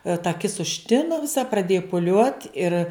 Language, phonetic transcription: Lithuanian, ta aˈkis užˈtinu viˈsa praˈdėju puˈliuot ir

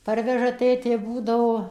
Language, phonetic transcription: Lithuanian, ˈparveža ˈtėtė ˈbūdavo

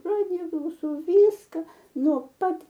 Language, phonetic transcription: Lithuanian, ˈradija klauˈsau ˈvyska ˈno ˈpat

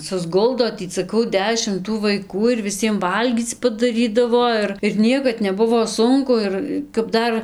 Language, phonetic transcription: Lithuanian, susˈguldo ˈtį saˈkau ˈdešim tų vaiˈkų ir viˈsiem ˈvalgyc padaˈrydavo ˈir ir ˈniekad neˈbuvo ˈsunku ˈir kap ˈdar

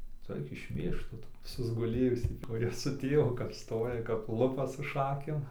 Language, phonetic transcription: Lithuanian, ˈtu ˈaik išˈmėžk ˈtu susguˈlėjusį kuˈrie su ˈtėvu kap ˈstoja kap ˈlupa su ˈšakėm

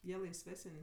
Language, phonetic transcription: Lithuanian, ˈjie laisˈvesən'

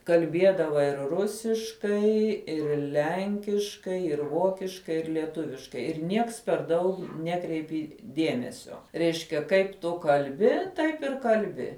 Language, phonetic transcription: Lithuanian, kalˈbiedava ir ˈrusiškai ir ˈlenkiškai ir ˈvokiškai ir lieˈtuviškai ir ˈnieks per ˈdaug ˈnekreipi ˈdiemesio ˈreiškia ˈkaip tu kalˈbi ˈtaip ir kalˈbi

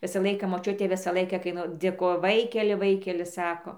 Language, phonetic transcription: Lithuanian, ˈvisa ˈlaika moˈčiutė ˈvisa ˈlaika kai ˈnu dėˈkojo ˈvaikeli ˈvaikeli ˈsako

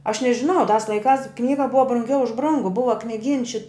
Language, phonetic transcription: Lithuanian, aš nežiˈnau tās laiˈkās ˈknyga ˈbuva brunˈgiau už ˈbrungu ˈbuva kniˈgyns ši

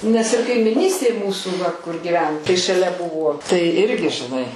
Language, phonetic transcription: Lithuanian, nes ir kaimiˈnystėj ˈmūsų va kur giˈven tai šaˈlia ˈbuvo tai ˈirgi žiˈnai

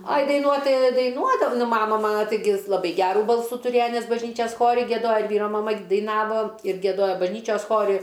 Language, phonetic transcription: Lithuanian, aj daiˈnuot ˈtai daiˈnuodav ˈnu ˈmama ˈmana taiˈgi laˈbai ˈgerų ˈbalsų tuˈrėja ˈnes bažˈnyčias ˈchori gieˈdoja ir ˈvyro maˈma daiˈnavo ir gieˈdojo bažˈnyčios ˈchori

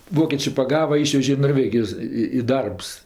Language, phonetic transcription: Lithuanian, ˈvokėčė paˈgava ˈyšvežė i norˈvegijos i i ˈdarbs

